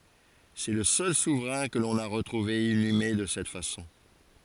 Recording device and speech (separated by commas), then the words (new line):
forehead accelerometer, read sentence
C'est le seul souverain que l'on a retrouvé inhumé de cette façon.